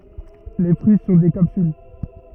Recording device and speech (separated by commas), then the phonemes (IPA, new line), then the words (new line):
rigid in-ear microphone, read sentence
le fʁyi sɔ̃ de kapsyl
Les fruits sont des capsules.